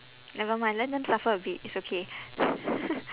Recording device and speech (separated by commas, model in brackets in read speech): telephone, conversation in separate rooms